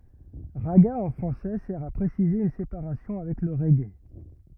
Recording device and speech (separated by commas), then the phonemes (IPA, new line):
rigid in-ear microphone, read sentence
ʁaɡa ɑ̃ fʁɑ̃sɛ sɛʁ a pʁesize yn sepaʁasjɔ̃ avɛk lə ʁɛɡe